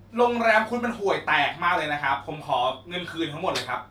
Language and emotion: Thai, angry